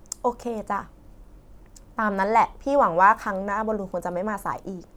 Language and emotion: Thai, frustrated